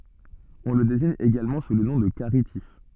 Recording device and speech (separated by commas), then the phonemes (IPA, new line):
soft in-ear microphone, read sentence
ɔ̃ lə deziɲ eɡalmɑ̃ su lə nɔ̃ də kaʁitif